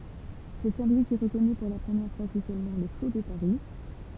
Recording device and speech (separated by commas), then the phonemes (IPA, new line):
temple vibration pickup, read sentence
sɛ sɛ̃ lwi ki ʁəkɔny puʁ la pʁəmjɛʁ fwaz ɔfisjɛlmɑ̃ lə so də paʁi